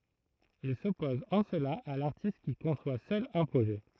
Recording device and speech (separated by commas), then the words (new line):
throat microphone, read sentence
Il s’oppose en cela à l’artiste qui conçoit seul un projet.